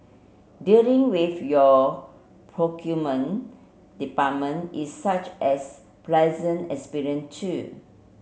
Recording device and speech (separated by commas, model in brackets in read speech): mobile phone (Samsung C7), read sentence